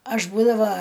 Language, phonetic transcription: Lithuanian, ˈaš ˈbūdava

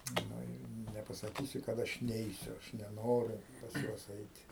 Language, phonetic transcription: Lithuanian, ˈnu i nepasaˈkysi kad ˈaš ˈneisiu aš neˈnoriu pas ˈjuos ˈeiti

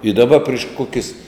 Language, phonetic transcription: Lithuanian, i daˈba priš ˈkokis

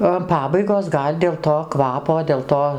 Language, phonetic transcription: Lithuanian, o an ˈpabaigos ˈgal' dėl to ˈkvapo dėl ˈto

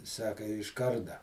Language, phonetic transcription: Lithuanian, ˈsaka iš ˈkarda

